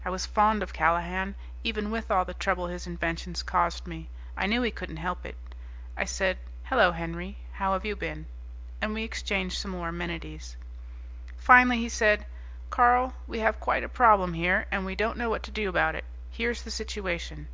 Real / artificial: real